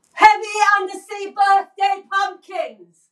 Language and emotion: English, neutral